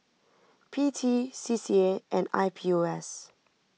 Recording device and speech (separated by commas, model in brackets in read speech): mobile phone (iPhone 6), read sentence